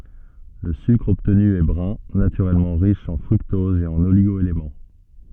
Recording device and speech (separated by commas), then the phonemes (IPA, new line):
soft in-ear microphone, read sentence
lə sykʁ ɔbtny ɛ bʁœ̃ natyʁɛlmɑ̃ ʁiʃ ɑ̃ fʁyktɔz e oliɡo elemɑ̃